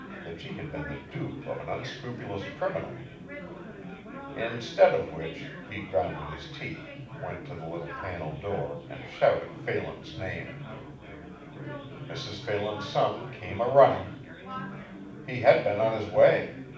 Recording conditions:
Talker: one person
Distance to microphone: 5.8 m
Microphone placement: far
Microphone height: 1.8 m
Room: medium-sized (5.7 m by 4.0 m)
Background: babble

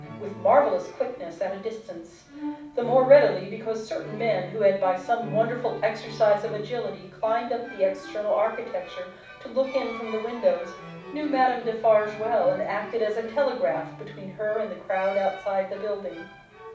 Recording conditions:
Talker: one person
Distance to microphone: 5.8 m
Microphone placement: far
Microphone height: 1.8 m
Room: medium-sized (5.7 m by 4.0 m)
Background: music

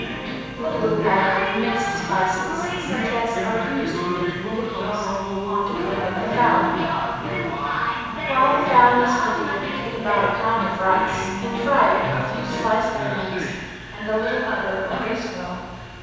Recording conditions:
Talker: one person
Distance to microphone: 7.1 m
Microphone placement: far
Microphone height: 1.7 m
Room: very reverberant, large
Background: television

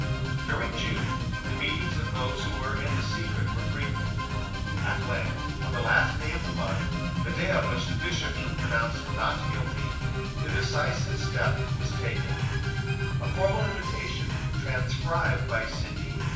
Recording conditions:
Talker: one person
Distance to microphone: 9.8 m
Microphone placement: far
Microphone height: 1.8 m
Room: large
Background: music

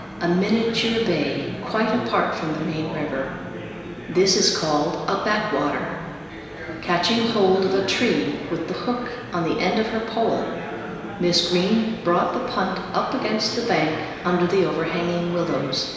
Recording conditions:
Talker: one person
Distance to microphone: 1.7 m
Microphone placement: close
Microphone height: 1.0 m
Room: very reverberant, large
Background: babble

